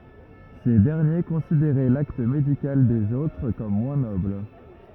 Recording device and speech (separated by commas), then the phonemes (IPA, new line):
rigid in-ear microphone, read sentence
se dɛʁnje kɔ̃sideʁɛ lakt medikal dez otʁ kɔm mwɛ̃ nɔbl